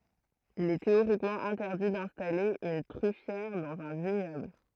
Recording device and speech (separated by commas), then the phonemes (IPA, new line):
throat microphone, read sentence
il ɛ teoʁikmɑ̃ ɛ̃tɛʁdi dɛ̃stale yn tʁyfjɛʁ dɑ̃z œ̃ viɲɔbl